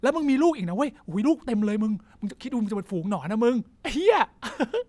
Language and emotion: Thai, happy